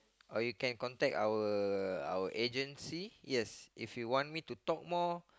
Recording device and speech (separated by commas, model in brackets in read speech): close-talking microphone, conversation in the same room